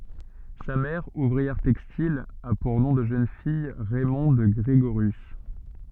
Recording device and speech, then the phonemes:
soft in-ear microphone, read sentence
sa mɛʁ uvʁiɛʁ tɛkstil a puʁ nɔ̃ də ʒøn fij ʁɛmɔ̃d ɡʁeɡoʁjys

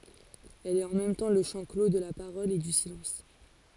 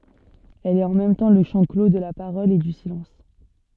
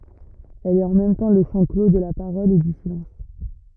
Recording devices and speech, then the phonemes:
forehead accelerometer, soft in-ear microphone, rigid in-ear microphone, read sentence
ɛl ɛt ɑ̃ mɛm tɑ̃ lə ʃɑ̃ klo də la paʁɔl e dy silɑ̃s

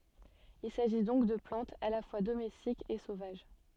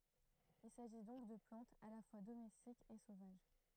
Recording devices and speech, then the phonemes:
soft in-ear microphone, throat microphone, read sentence
il saʒi dɔ̃k də plɑ̃tz a la fwa domɛstikz e sovaʒ

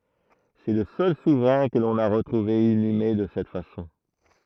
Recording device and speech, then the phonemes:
throat microphone, read sentence
sɛ lə sœl suvʁɛ̃ kə lɔ̃n a ʁətʁuve inyme də sɛt fasɔ̃

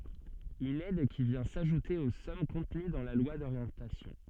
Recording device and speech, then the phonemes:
soft in-ear microphone, read sentence
yn ɛd ki vjɛ̃ saʒute o sɔm kɔ̃təny dɑ̃ la lwa doʁjɑ̃tasjɔ̃

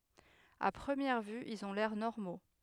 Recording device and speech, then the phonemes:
headset microphone, read sentence
a pʁəmjɛʁ vy ilz ɔ̃ lɛʁ nɔʁmo

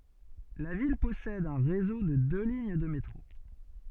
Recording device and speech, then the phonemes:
soft in-ear microphone, read sentence
la vil pɔsɛd œ̃ ʁezo də dø liɲ də metʁo

